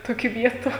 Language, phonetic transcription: Lithuanian, ˈtokį ˈvietu

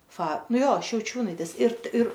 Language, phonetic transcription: Lithuanian, fa nuo ˈjo šiauˈčiūnaitės ir ir

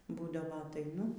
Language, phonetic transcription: Lithuanian, ˈbūdavo ataiˈnu

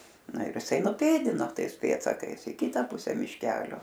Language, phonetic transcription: Lithuanian, ˈna ir iˈsai nuˈpėdino ˈtais ˈpėdsakais i ˈkita ˈpuse mišˈkelio

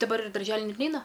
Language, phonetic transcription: Lithuanian, daˈbar i darˈželi ˈnet ˈneina

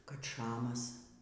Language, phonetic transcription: Lithuanian, kad ˈšamas

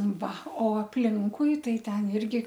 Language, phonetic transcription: Lithuanian, ˈva o apˈlinkui ˈtai ˈten ˈirgi

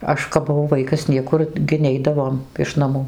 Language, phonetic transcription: Lithuanian, ˈaš kap buˈvau ˈvaikas ˈniekur gi ˈneidavom iš naˈmų

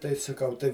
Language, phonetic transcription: Lithuanian, tai saˈkau ˈtai

